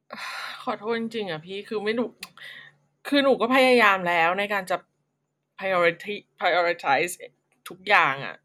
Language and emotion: Thai, sad